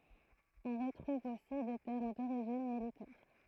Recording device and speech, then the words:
throat microphone, read sentence
On retrouve aussi des termes d'origine militaire.

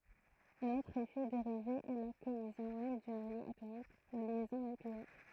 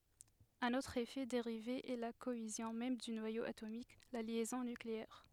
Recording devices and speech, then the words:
throat microphone, headset microphone, read sentence
Un autre effet dérivé est la cohésion même du noyau atomique, la liaison nucléaire.

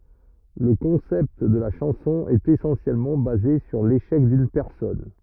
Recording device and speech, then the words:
rigid in-ear microphone, read sentence
Le concept de la chanson est essentiellement basé sur l'échec d'une personne.

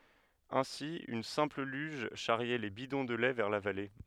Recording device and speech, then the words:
headset microphone, read sentence
Ainsi une simple luge charriait les bidons de lait vers la vallée.

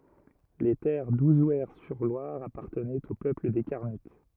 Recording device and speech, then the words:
rigid in-ear microphone, read sentence
Les terres d'Ouzouer-sur-Loire appartenaient au peuple des Carnutes.

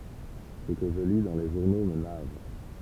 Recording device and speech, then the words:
temple vibration pickup, read sentence
Ce que je lis dans les journaux me navre.

